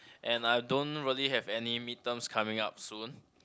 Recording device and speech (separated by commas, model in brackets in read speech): close-talking microphone, conversation in the same room